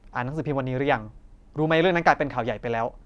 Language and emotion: Thai, angry